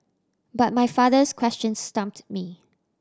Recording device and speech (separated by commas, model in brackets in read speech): standing microphone (AKG C214), read sentence